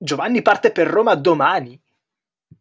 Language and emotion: Italian, surprised